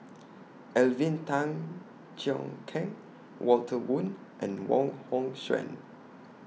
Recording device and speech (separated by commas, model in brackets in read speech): mobile phone (iPhone 6), read sentence